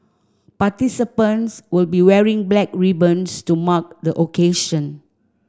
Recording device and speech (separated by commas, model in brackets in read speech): standing microphone (AKG C214), read sentence